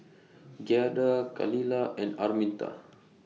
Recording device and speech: mobile phone (iPhone 6), read sentence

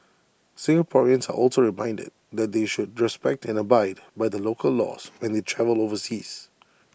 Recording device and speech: boundary microphone (BM630), read sentence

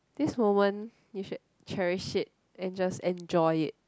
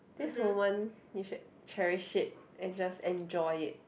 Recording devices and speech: close-talking microphone, boundary microphone, conversation in the same room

